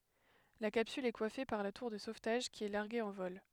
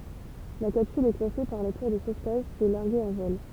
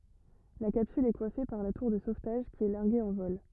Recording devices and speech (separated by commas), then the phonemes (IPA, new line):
headset microphone, temple vibration pickup, rigid in-ear microphone, read sentence
la kapsyl ɛ kwafe paʁ la tuʁ də sovtaʒ ki ɛ laʁɡe ɑ̃ vɔl